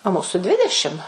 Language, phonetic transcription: Lithuanian, o ˈmūsu ˈdvidešim

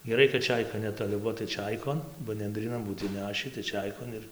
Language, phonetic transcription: Lithuanian, geˈrai kad ˈčeika netoˈli ˈbuo tai ˈčeikon ba nendryˈnan ˈbūt inˈnešį tai ˈčeikon ir

